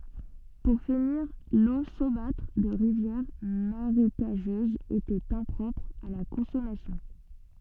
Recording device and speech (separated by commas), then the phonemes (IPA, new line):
soft in-ear microphone, read sentence
puʁ finiʁ lo somatʁ də ʁivjɛʁ maʁekaʒøzz etɛt ɛ̃pʁɔpʁ a la kɔ̃sɔmasjɔ̃